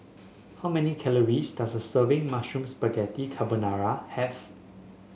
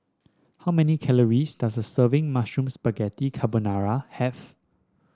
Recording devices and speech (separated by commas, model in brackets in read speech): mobile phone (Samsung S8), standing microphone (AKG C214), read sentence